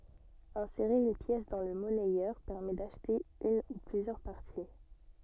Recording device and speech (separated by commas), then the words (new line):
soft in-ear microphone, read sentence
Insérer une pièce dans le monnayeur permet d'acheter une ou plusieurs parties.